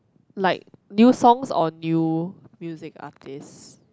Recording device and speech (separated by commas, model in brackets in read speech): close-talking microphone, conversation in the same room